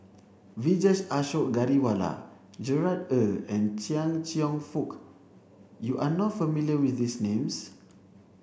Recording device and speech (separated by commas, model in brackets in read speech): boundary microphone (BM630), read sentence